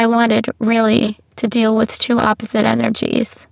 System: VC, spectral filtering